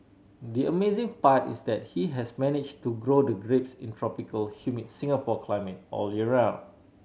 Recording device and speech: mobile phone (Samsung C7100), read sentence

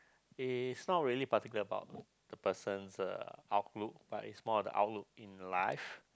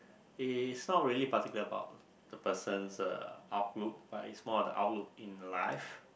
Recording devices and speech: close-talking microphone, boundary microphone, conversation in the same room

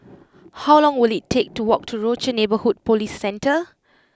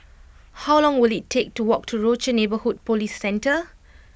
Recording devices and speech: close-talking microphone (WH20), boundary microphone (BM630), read sentence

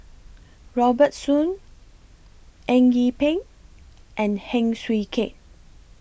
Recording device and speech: boundary microphone (BM630), read sentence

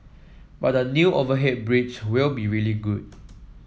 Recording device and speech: mobile phone (iPhone 7), read sentence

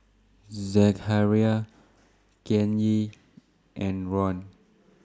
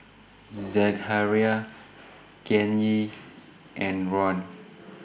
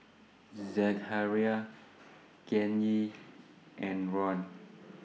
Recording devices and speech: standing microphone (AKG C214), boundary microphone (BM630), mobile phone (iPhone 6), read sentence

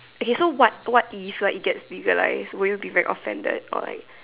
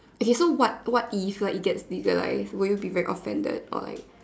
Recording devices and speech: telephone, standing microphone, conversation in separate rooms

